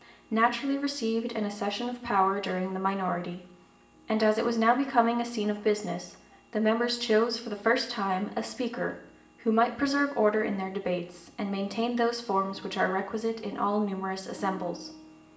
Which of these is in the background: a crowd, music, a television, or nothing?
Music.